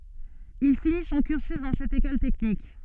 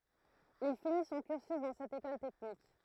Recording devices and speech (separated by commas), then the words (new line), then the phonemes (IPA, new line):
soft in-ear microphone, throat microphone, read sentence
Il finit son cursus dans cette école technique.
il fini sɔ̃ kyʁsy dɑ̃ sɛt ekɔl tɛknik